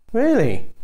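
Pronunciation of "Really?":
'Really' is said with a falling tone, which makes it sound sarcastic.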